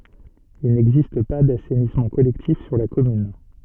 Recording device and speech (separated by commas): soft in-ear microphone, read sentence